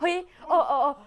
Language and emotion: Thai, frustrated